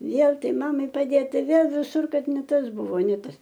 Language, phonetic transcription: Lithuanian, ˈvėl ˈtai ˈmamai paˈdėt ˈtai ˈvėl viˈsur ˈkad ne ˈtas ˈbuvo ne ˈtas

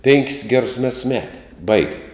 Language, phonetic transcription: Lithuanian, ˈpenkis ˈgerus ˈmets ˈmeti ˈbaigi

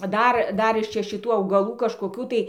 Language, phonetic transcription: Lithuanian, ˈdar ˈdar iš ˈčia šiˈtų augaˈlų kažkoˈkių tai

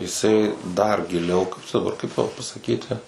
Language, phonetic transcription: Lithuanian, jiˈsai dar giˈliau ˈkaip čia daˈbar kaip tau pasaˈkyti

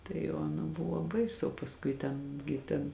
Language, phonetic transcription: Lithuanian, tai o aˈna ˈbuvo ˈbaisu o pasˈkui ˈten gi ˈten

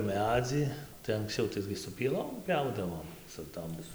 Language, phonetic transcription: Lithuanian, ˈmedzį tai anksˈciau ˈtaigi su pieˈlom ˈpiaudavom su ˈtom

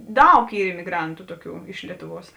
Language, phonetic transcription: Lithuanian, ˈdaug ˈy imiˈgrantu ˈtuoˌkių iš ˈlietuˌvuos

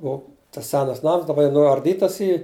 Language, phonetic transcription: Lithuanian, ˈo tas ˈsenas ˈnams daˈba jau nuarˈdytas ˈy

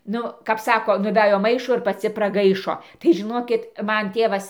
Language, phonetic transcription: Lithuanian, ˈnu kap ˈsako nuˈvæjo ˈmaišo ir paˈci praˈgaišo tai žiˈnokit ˈman ˈtėvas

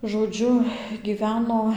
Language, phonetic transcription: Lithuanian, žoˈdžiu gyˈveno

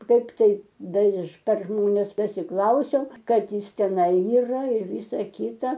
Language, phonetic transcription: Lithuanian, ˈkaip ˈtai ˈdar iš per ˈžmones pasiˈklausiau ˈkad ˈjis teˈnai yˈra ir ˈvisa ˈkita

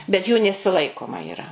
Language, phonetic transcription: Lithuanian, bet jų nesiˈlaikoma yˈra

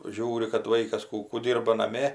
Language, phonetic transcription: Lithuanian, ˈžiūri kad ˈvaikas ˈkų kų ˈdyrba naˈmė

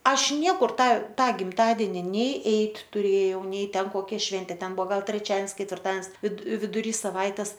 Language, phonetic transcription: Lithuanian, ˈaš ˈniekur ˈtą ˈtą gimˈtadeni nei ˈeit' tuˈrėjau ˈnei ˈten koˈkia ˈšventė ˈten ˈbuvo ˈgal treˈčians ketvirˈtans vid viduˈry saˈvaites

